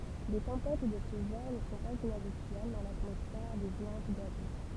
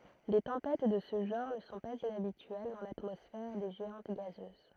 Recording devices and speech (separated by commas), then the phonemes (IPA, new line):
temple vibration pickup, throat microphone, read sentence
de tɑ̃pɛt də sə ʒɑ̃ʁ nə sɔ̃ paz inabityɛl dɑ̃ latmɔsfɛʁ de ʒeɑ̃t ɡazøz